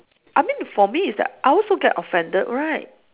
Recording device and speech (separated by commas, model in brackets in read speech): telephone, conversation in separate rooms